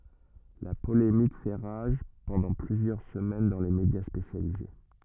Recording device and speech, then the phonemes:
rigid in-ear microphone, read sentence
la polemik fɛ ʁaʒ pɑ̃dɑ̃ plyzjœʁ səmɛn dɑ̃ le medja spesjalize

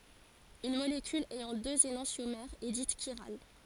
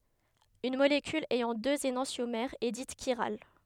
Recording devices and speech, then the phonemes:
forehead accelerometer, headset microphone, read sentence
yn molekyl ɛjɑ̃ døz enɑ̃sjomɛʁz ɛ dit ʃiʁal

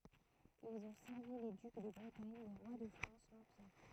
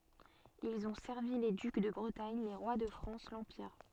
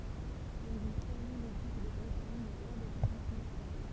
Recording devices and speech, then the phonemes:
throat microphone, soft in-ear microphone, temple vibration pickup, read sentence
ilz ɔ̃ sɛʁvi le dyk də bʁətaɲ le ʁwa də fʁɑ̃s lɑ̃piʁ

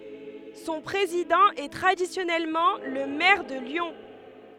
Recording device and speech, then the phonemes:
headset microphone, read sentence
sɔ̃ pʁezidɑ̃ ɛ tʁadisjɔnɛlmɑ̃ lə mɛʁ də ljɔ̃

